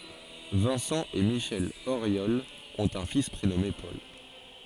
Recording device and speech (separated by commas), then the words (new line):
forehead accelerometer, read sentence
Vincent et Michelle Auriol ont un fils prénommé Paul.